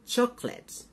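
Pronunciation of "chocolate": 'Chocolate' is pronounced correctly here.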